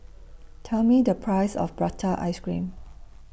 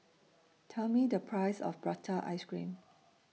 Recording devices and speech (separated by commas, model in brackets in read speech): boundary microphone (BM630), mobile phone (iPhone 6), read sentence